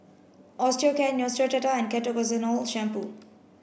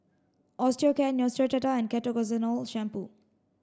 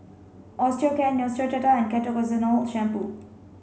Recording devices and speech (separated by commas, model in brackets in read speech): boundary microphone (BM630), standing microphone (AKG C214), mobile phone (Samsung C5), read sentence